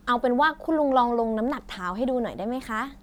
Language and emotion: Thai, happy